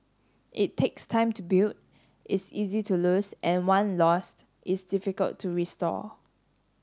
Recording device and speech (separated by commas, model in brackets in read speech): standing microphone (AKG C214), read sentence